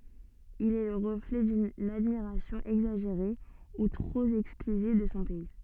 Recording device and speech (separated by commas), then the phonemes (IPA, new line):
soft in-ear microphone, read sentence
il ɛ lə ʁəflɛ dyn admiʁasjɔ̃ ɛɡzaʒeʁe u tʁop ɛksklyziv də sɔ̃ pɛi